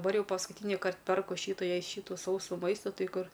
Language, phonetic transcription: Lithuanian, daˈbar ˈjau paskuˈtynikart ˈperku ˈšytu ˈjai ˈšytu ˈsausų ˈmaistu ˈtai ˈkur

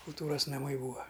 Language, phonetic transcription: Lithuanian, kulˈtūras naˈmai ˈbūa

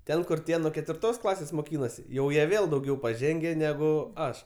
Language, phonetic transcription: Lithuanian, ˈten kur ˈtie nuo ketvirˈtos ˈklasės moˈkynosi ˈjau ˈjie ˈvėl dauˈgiau paˈženge ˈnegu ˈaš

